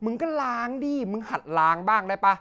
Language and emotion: Thai, frustrated